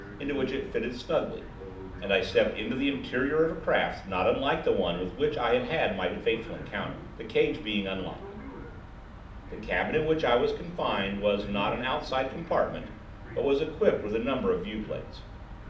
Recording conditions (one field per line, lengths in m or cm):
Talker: one person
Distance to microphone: 2.0 m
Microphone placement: close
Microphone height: 99 cm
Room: medium-sized (5.7 m by 4.0 m)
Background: television